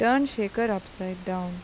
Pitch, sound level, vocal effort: 200 Hz, 84 dB SPL, normal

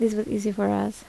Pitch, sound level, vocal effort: 210 Hz, 75 dB SPL, soft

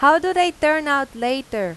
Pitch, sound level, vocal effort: 285 Hz, 93 dB SPL, loud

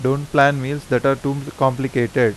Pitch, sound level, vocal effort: 135 Hz, 86 dB SPL, normal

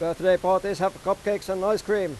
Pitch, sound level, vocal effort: 190 Hz, 98 dB SPL, loud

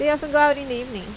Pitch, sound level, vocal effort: 280 Hz, 88 dB SPL, normal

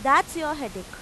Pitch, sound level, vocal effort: 280 Hz, 95 dB SPL, very loud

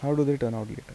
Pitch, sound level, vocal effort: 130 Hz, 81 dB SPL, soft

